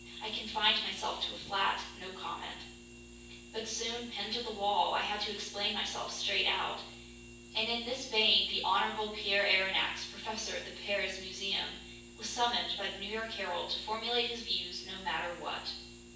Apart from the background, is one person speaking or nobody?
One person.